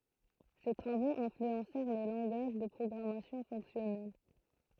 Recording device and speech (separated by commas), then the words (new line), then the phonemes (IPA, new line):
throat microphone, read sentence
Ses travaux influencèrent les langages de programmation fonctionnelle.
se tʁavoz ɛ̃flyɑ̃sɛʁ le lɑ̃ɡaʒ də pʁɔɡʁamasjɔ̃ fɔ̃ksjɔnɛl